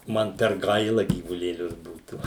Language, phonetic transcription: Lithuanian, ˈman per ˈgaila gyvulėˈlius ˈbūtų

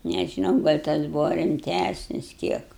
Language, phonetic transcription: Lithuanian, nežiˈnau gal' ˈtas ˈbūva rimˈtæsnis ˈkiek

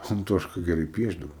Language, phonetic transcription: Lithuanian, anˈtoška geˈrai ˈpiešdavo

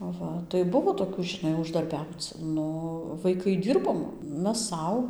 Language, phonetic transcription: Lithuanian, aˈva tai ˈbuvo toˈkių žiˈnai uždarˈbiauc ˈnu vaiˈkai ˈdirbom ˈmes ˈsau

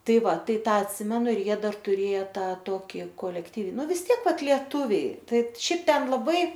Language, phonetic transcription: Lithuanian, ˈtai ˈva ˈtai ˈtą atˈsimenu ir ˈjie ˈdar tuˈrėja ˈtą ˈtoki kolekˈtyv ˈnu vis ˈtiek ˈvat lieˈtuviai ˈtaip ˈšiaip ˈten laˈbai

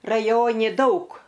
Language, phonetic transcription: Lithuanian, raˈjoni ˈdaug

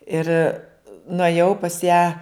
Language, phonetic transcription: Lithuanian, ˈir nuėˈjau pas ją

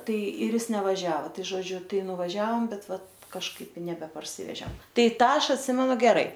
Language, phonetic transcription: Lithuanian, ˈtai ir ˈis nevaˈžiava ˈtai žoˈdžiu ˈtai nuvaˈžiaom ˈbet ˈvat kažˈkaip i nebeparˈsivežem ˈtai ˈtą ˈaš atˈsimenu geˈrai

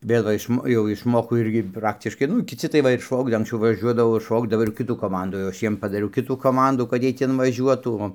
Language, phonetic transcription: Lithuanian, ˈbėgo išˈmo jau išˈmoko ˈirgi ˈpraktiškai ˈnu kiˈci tai ˈva ir ˈšaukda anksˈciau vaˈžiuodavo ir ˈšaukdavo ir ˈkitų ˈkomandų jau ˈaš ˈjiem padaˈriau ˈkitų koˈmandų kad ˈjiej ˈten vaˈžiuotų o

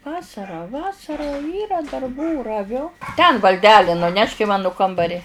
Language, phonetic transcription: Lithuanian, ˈvasara ˈvasara ˈyra darˈbų raˈviu ten valˈdeli nuˈnešk i ˈmanu ˈkambari

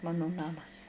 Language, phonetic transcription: Lithuanian, ˈmanu ˈnamas

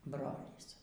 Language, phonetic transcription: Lithuanian, ˈbrolys

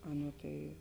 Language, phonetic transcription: Lithuanian, ˈaˌnuo tai

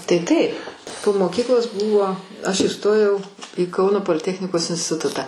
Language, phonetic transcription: Lithuanian, tai ˈtaip po moˈkyklos ˈbūvo aš įˈstojau į ˈkauno poliˈtechnikos instiˈtutą

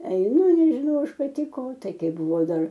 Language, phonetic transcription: Lithuanian, eiˈnu ir nežiˈnau ˈaš paˈti ˈko ˈtai ˈkai buˈvau ˈdar

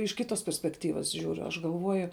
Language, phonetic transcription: Lithuanian, iš ˈkitos perspekˈtyvas ˈžiūriu aš galˈvuoju

